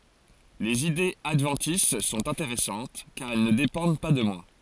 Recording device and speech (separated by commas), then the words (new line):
forehead accelerometer, read sentence
Les idées adventices sont intéressantes, car elles ne dépendent pas de moi.